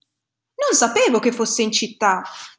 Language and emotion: Italian, surprised